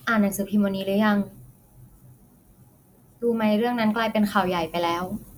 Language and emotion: Thai, frustrated